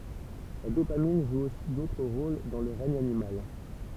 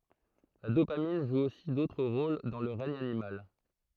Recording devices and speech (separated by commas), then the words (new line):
temple vibration pickup, throat microphone, read sentence
La dopamine joue aussi d'autres rôles dans le règne animal.